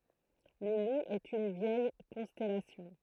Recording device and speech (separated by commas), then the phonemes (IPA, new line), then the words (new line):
throat microphone, read sentence
lə lu ɛt yn vjɛj kɔ̃stɛlasjɔ̃
Le Loup est une vieille constellation.